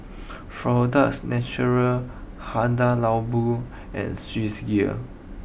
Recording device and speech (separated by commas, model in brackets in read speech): boundary microphone (BM630), read sentence